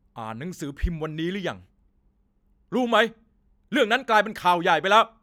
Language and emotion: Thai, angry